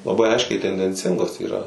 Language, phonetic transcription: Lithuanian, laˈbai ˈaiškiai tendenˈcingos yˈra

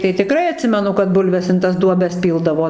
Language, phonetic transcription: Lithuanian, tai tiˈkrai aˈtsimenu kad ˈbulves in tas ˈduobes ˈpyldavo

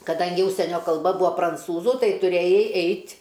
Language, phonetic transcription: Lithuanian, kaˈdangi ˈužsienio kalˈba ˈbua pranˈcūzu ˈtai tuˈrėjai ˈeit'

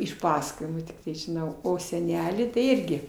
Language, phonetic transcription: Lithuanian, iš ˈpasakojimų tikˈtai žiˈnau o seˈnelį tai ˈirgi

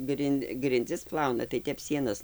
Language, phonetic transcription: Lithuanian, ˈgrin' grinˈdzis ˈplauna tai ˈtep ˈsienas

